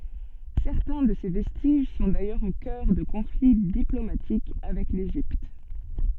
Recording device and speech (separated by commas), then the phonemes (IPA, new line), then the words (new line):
soft in-ear microphone, read sentence
sɛʁtɛ̃ də se vɛstiʒ sɔ̃ dajœʁz o kœʁ də kɔ̃fli diplomatik avɛk leʒipt
Certains de ces vestiges sont d'ailleurs au cœur de conflits diplomatiques avec l'Égypte.